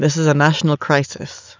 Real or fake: real